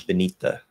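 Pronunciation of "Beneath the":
In 'beneath the', the th at the end of 'beneath' is a stopped dental T that is held for a moment, and then 'the' begins with a dental D.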